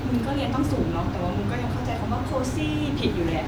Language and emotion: Thai, frustrated